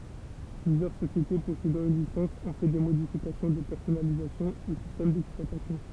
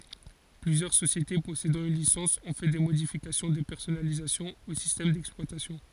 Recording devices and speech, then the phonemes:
temple vibration pickup, forehead accelerometer, read sentence
plyzjœʁ sosjete pɔsedɑ̃ yn lisɑ̃s ɔ̃ fɛ de modifikasjɔ̃ də pɛʁsɔnalizasjɔ̃ o sistɛm dɛksplwatasjɔ̃

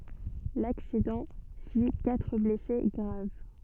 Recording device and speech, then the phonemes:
soft in-ear microphone, read sentence
laksidɑ̃ fi katʁ blɛse ɡʁav

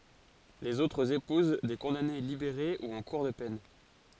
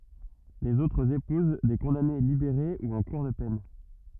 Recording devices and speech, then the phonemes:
forehead accelerometer, rigid in-ear microphone, read sentence
lez otʁz epuz de kɔ̃dane libeʁe u ɑ̃ kuʁ də pɛn

